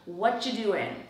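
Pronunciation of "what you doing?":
The words 'what are you' are linked together into 'whatcha', so it sounds like 'whatcha doing?'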